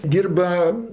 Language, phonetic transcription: Lithuanian, ˈdyrba

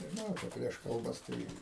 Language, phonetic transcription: Lithuanian, nežiˈnau ˈčia ˈprieš kalˈbas ˈtai

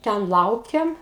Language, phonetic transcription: Lithuanian, ˈten ˈlaukiam

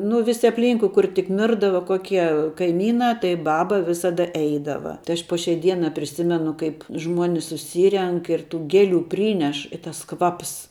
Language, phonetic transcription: Lithuanian, nu ˈvisi apˈlynkui kur tik ˈmirdava ˈkokie kaiˈmynā tai ˈbaba ˈvisada ˈeidava tai ˈaš po šiai ˈdiena priˈsimenu ˈkaip ˈžmuonis suˈsyrenk ir tų ˈgėˌlių ˈpryneš i tas ˈkvaps

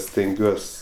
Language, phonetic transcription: Lithuanian, stenˈgiuos

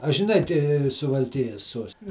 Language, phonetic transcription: Lithuanian, a žiˈnai ti suvalˈkijas ˈsuosti

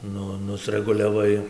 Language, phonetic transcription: Lithuanian, ˈnu nusreguliaˈvai

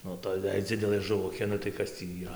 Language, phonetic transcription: Lithuanian, ˈnu ˈtoj jei ˈdzidelɘ žuˈvukė nu tai ˈkas tį yˈra

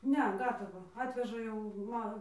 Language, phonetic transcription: Lithuanian, ˈne ˈgatavą ˈatveža jau ˈma

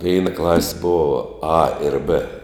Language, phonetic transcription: Lithuanian, ˈveina klas' ˈbova a ir bɘ

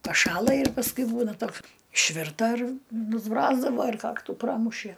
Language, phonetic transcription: Lithuanian, paˈšąla ir pasˈkui ˈbūna ˈtoks išˈvirta ir nusˈbrozdavo ir ˈkaktų ˈpramušie

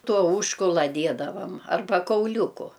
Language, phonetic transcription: Lithuanian, ˈtuo ˈužkula ˈdiedavam arˈba kauˈliūku

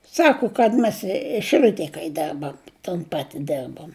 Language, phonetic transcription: Lithuanian, ˈsaku kad mes i šiˈliutėj kai ˈderbam ton ˈpati ˈderbom

